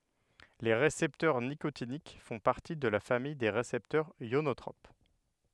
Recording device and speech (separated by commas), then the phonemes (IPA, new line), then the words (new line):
headset microphone, read sentence
le ʁesɛptœʁ nikotinik fɔ̃ paʁti də la famij de ʁesɛptœʁz jonotʁop
Les récepteurs nicotiniques font partie de la famille des récepteurs ionotropes.